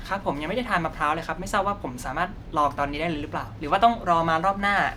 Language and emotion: Thai, happy